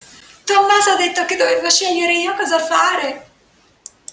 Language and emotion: Italian, fearful